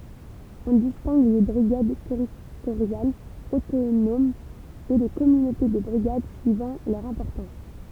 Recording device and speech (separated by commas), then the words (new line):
temple vibration pickup, read sentence
On distingue les brigades territoriales autonomes et les communautés de brigades suivant leur importance.